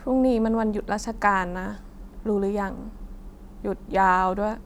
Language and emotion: Thai, frustrated